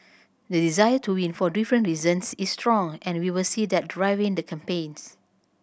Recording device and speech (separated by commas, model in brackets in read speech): boundary microphone (BM630), read sentence